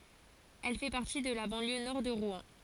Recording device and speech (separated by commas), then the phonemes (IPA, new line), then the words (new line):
forehead accelerometer, read sentence
ɛl fɛ paʁti də la bɑ̃ljø nɔʁ də ʁwɛ̃
Elle fait partie de la banlieue nord de Rouen.